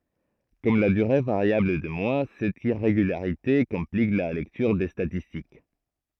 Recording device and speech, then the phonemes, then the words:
throat microphone, read sentence
kɔm la dyʁe vaʁjabl de mwa sɛt iʁeɡylaʁite kɔ̃plik la lɛktyʁ de statistik
Comme la durée variable des mois, cette irrégularité complique la lecture des statistiques.

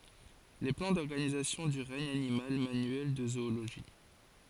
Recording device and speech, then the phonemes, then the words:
forehead accelerometer, read sentence
le plɑ̃ dɔʁɡanizasjɔ̃ dy ʁɛɲ animal manyɛl də zooloʒi
Les plans d’organisation du regne animal, manuel de zoologie.

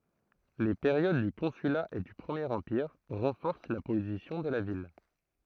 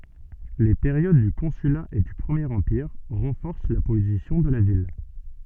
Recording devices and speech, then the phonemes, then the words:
throat microphone, soft in-ear microphone, read sentence
le peʁjod dy kɔ̃syla e dy pʁəmjeʁ ɑ̃piʁ ʁɑ̃fɔʁs la pozisjɔ̃ də la vil
Les périodes du Consulat et du Premier Empire renforcent la position de la ville.

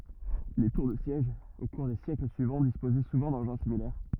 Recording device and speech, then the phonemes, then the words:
rigid in-ear microphone, read sentence
le tuʁ də sjɛʒ o kuʁ de sjɛkl syivɑ̃ dispozɛ suvɑ̃ dɑ̃ʒɛ̃ similɛʁ
Les tours de siège au cours des siècles suivants, disposaient souvent d’engins similaires.

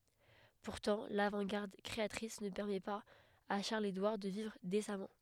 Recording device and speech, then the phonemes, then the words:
headset microphone, read sentence
puʁtɑ̃ lavɑ̃tɡaʁd kʁeatʁis nə pɛʁmɛ paz a ʃaʁləzedwaʁ də vivʁ desamɑ̃
Pourtant l'avant-garde créatrice ne permet pas à Charles-Édouard de vivre décemment.

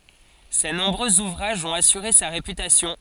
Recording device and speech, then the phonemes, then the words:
forehead accelerometer, read sentence
se nɔ̃bʁøz uvʁaʒz ɔ̃t asyʁe sa ʁepytasjɔ̃
Ses nombreux ouvrages ont assuré sa réputation.

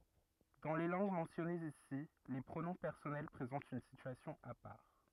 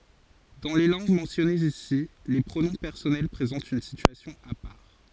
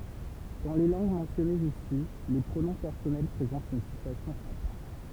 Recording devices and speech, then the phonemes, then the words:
rigid in-ear microphone, forehead accelerometer, temple vibration pickup, read sentence
dɑ̃ le lɑ̃ɡ mɑ̃sjɔnez isi le pʁonɔ̃ pɛʁsɔnɛl pʁezɑ̃tt yn sityasjɔ̃ a paʁ
Dans les langues mentionnées ici, les pronoms personnels présentent une situation à part.

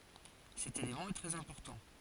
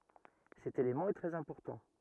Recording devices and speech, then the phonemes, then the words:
forehead accelerometer, rigid in-ear microphone, read sentence
sɛt elemɑ̃ ɛ tʁɛz ɛ̃pɔʁtɑ̃
Cet élément est très important.

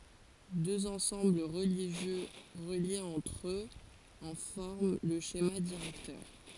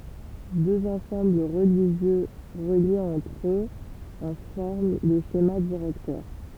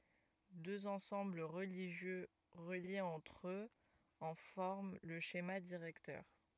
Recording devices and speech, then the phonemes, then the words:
forehead accelerometer, temple vibration pickup, rigid in-ear microphone, read sentence
døz ɑ̃sɑ̃bl ʁəliʒjø ʁəljez ɑ̃tʁ øz ɑ̃ fɔʁm lə ʃema diʁɛktœʁ
Deux ensembles religieux reliés entre eux en forment le schéma directeur.

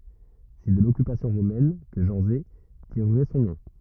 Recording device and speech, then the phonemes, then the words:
rigid in-ear microphone, read sentence
sɛ də lɔkypasjɔ̃ ʁomɛn kə ʒɑ̃ze tiʁʁɛ sɔ̃ nɔ̃
C'est de l'occupation romaine que Janzé tirerait son nom.

